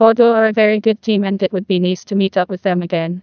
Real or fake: fake